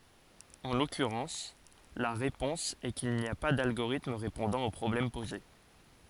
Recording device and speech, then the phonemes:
forehead accelerometer, read sentence
ɑ̃ lɔkyʁɑ̃s la ʁepɔ̃s ɛ kil ni a pa dalɡoʁitm ʁepɔ̃dɑ̃ o pʁɔblɛm poze

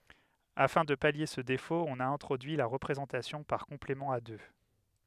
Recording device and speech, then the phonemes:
headset microphone, read sentence
afɛ̃ də palje sə defot ɔ̃n a ɛ̃tʁodyi la ʁəpʁezɑ̃tasjɔ̃ paʁ kɔ̃plemɑ̃ a dø

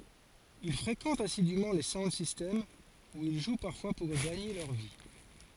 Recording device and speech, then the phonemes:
forehead accelerometer, read sentence
il fʁekɑ̃tt asidym le saund sistɛmz u il ʒw paʁfwa puʁ ɡaɲe lœʁ vi

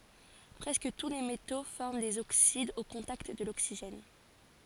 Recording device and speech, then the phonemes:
forehead accelerometer, read sentence
pʁɛskə tu le meto fɔʁm dez oksidz o kɔ̃takt də loksiʒɛn

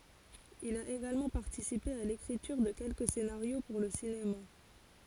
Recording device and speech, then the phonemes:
forehead accelerometer, read sentence
il a eɡalmɑ̃ paʁtisipe a lekʁityʁ də kɛlkə senaʁjo puʁ lə sinema

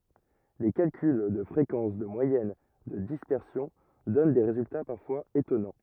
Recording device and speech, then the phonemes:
rigid in-ear microphone, read sentence
le kalkyl də fʁekɑ̃s də mwajɛn də dispɛʁsjɔ̃ dɔn de ʁezylta paʁfwaz etɔnɑ̃

